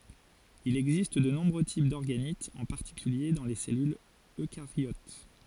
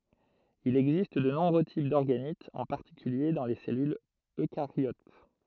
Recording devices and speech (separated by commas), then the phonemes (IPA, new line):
forehead accelerometer, throat microphone, read sentence
il ɛɡzist də nɔ̃bʁø tip dɔʁɡanitz ɑ̃ paʁtikylje dɑ̃ le sɛlylz økaʁjot